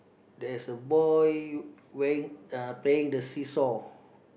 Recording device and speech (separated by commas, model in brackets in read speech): boundary microphone, conversation in the same room